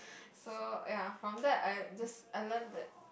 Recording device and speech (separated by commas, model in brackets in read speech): boundary microphone, conversation in the same room